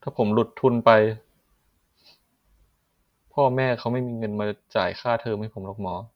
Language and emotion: Thai, sad